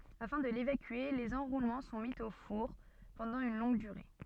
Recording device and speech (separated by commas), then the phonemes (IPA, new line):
soft in-ear microphone, read sentence
afɛ̃ də levakye lez ɑ̃ʁulmɑ̃ sɔ̃ mi o fuʁ pɑ̃dɑ̃ yn lɔ̃ɡ dyʁe